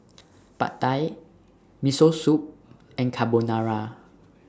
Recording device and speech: standing microphone (AKG C214), read sentence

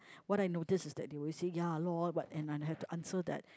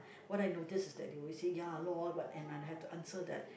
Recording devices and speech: close-talking microphone, boundary microphone, conversation in the same room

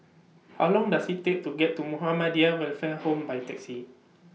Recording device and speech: mobile phone (iPhone 6), read sentence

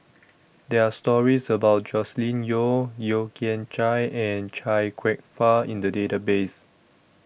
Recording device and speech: boundary microphone (BM630), read sentence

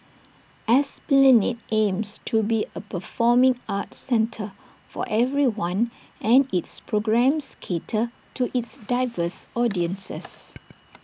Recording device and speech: boundary microphone (BM630), read sentence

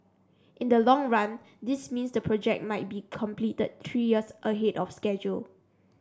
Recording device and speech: standing microphone (AKG C214), read sentence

